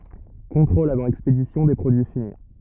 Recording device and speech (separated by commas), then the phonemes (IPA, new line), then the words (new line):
rigid in-ear microphone, read sentence
kɔ̃tʁolz avɑ̃ ɛkspedisjɔ̃ de pʁodyi fini
Contrôles avant expédition des produits finis.